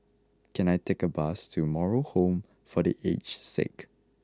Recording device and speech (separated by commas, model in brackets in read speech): close-talking microphone (WH20), read sentence